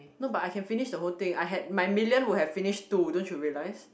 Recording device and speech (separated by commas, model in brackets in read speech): boundary microphone, conversation in the same room